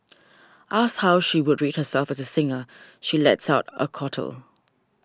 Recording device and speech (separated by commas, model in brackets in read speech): standing microphone (AKG C214), read sentence